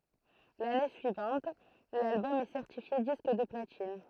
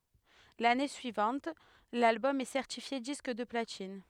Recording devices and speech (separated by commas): throat microphone, headset microphone, read sentence